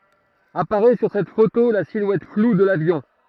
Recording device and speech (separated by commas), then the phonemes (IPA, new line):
throat microphone, read sentence
apaʁɛ syʁ sɛt foto la silwɛt flu də lavjɔ̃